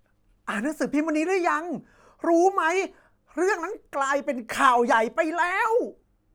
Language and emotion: Thai, happy